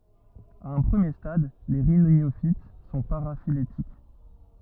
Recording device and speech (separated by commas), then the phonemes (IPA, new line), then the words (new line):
rigid in-ear microphone, read sentence
a œ̃ pʁəmje stad le ʁinjofit sɔ̃ paʁafiletik
À un premier stade, les rhyniophytes sont paraphylétiques.